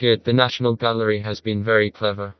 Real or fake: fake